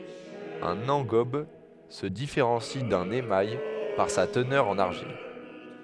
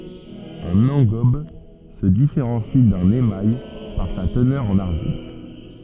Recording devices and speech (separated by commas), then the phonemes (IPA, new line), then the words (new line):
headset microphone, soft in-ear microphone, read sentence
œ̃n ɑ̃ɡɔb sə difeʁɑ̃si dœ̃n emaj paʁ sa tənœʁ ɑ̃n aʁʒil
Un engobe se différencie d'un émail par sa teneur en argile.